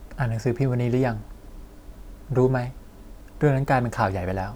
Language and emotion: Thai, neutral